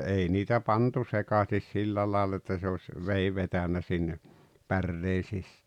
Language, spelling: Finnish, ei niitä pantu sekaisin sillä lailla että se olisi veden vetänyt sinne päreen -
- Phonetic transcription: '’ei niitä "pantu "sekasis "sillä laal että se oś , "vei vetänä 'sinne , "pärree sis- .

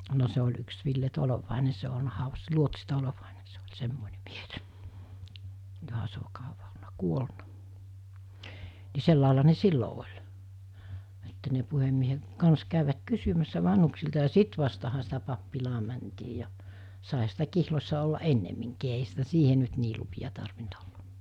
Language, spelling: Finnish, no se oli yksi Ville Tolvanen se on ollut haudassa luotsi Tolvanen se oli semmoinen mies johan se on kauan ollut kuollut niin sellainen ne silloin oli että ne puhemiehen kanssa kävivät kysymässä vanhuksilta ja sitten vasta sitä pappilaan mentiin ja saihan sitä kihloissa olla ennemminkin eihän sitä siihen nyt niin lupia tarvinnut olla
- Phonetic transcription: no se oĺ yks 'Ville 'Tolovàene se o olna hau(vassa) 'luotsi 'Tolovàene se oĺ 'semmòene mies , joha se o 'kauva olna 'kuolna , ni 'sellàela ne "sillo oĺ , että ne puhemmiehe , kans kä̀yvät 'kysymässä 'vanhuksilta ja "sit vastaha sitä pappilaa mäntii ja , sàeha sitä 'kihlos̜sa ollaˀ "ˀennemmiŋkii eiɦä sitä 'siihe nyt nii lupi₍a tarvint olla .

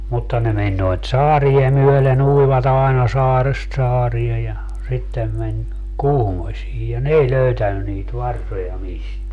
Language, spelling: Finnish, mutta ne meni noita saaria myöden uivat aina saaresta saareen ja sitten meni Kuhmoisiin ja ne ei löytänyt niitä varsoja mistään
- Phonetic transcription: 'mutta ne 'meń noit "saarie 'myöle'n ‿uivat ‿aena 'saarest 'saarie ja , 'sittem meń , "Kuhmośii ja "n ‿ei 'löytänny niit 'varsoja 'misteä .

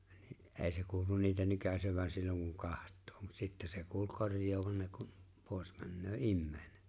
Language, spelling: Finnish, niin ei se kuulu niitä nykäisevän silloin kun katsoo mutta sitten se kuuli korjaavan ne kun pois menee ihminen
- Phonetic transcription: ni’ '’ee se 'kuulun niitä 'nykäsevän silloŋ kuŋ "kaht̆too , mut 'sitte se 'kuul "korj̀oovaŋ ne kum , 'pòes männöö "’imme̬e̬ⁱne .

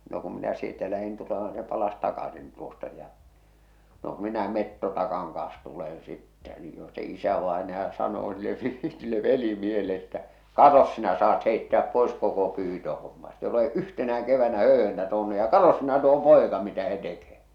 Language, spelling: Finnish, no kun minä sieltä lähdin tulemaan niin se palasi takaisin tuosta ja no - minä metsotaakan kanssa tulen sitten niin jo se isävainaja sanoo sille sille velimiehelle että katsos sinä saat heittää pois koko pyytöhomman ette ole yhtenäkään keväänä höyhentä tuonut ja katsos sinä tuo poika mitä se tekee
- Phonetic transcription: no kum 'minä sieltä 'lähin 'tulema ni se 'palas 'takasin tuosta ja , no k- minä 'mettotakaŋ kaa̰s tulen sittä ni jo se 'isävaenaja sanoo sille , sille 'veli'miehele että , » "katos sinä saat heittᵉä̀p 'pois 'koko 'pyytöhomma ette ole "’yhtenä₍äᵑ 'kevännä 'hö̀y̳hentä 'tuonu ja "katos sinä tuo "pòeka mitä h̳e tekee ! «

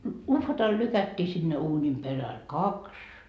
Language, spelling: Finnish, uhvatalla lykättiin sinne uunin perälle kaksi
- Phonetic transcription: 'uhvatal 'lykättii sinne 'uunim peräl , 'kaks ,.

